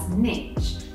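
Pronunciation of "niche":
'Niche' is said the American way here, ending in a ch sound.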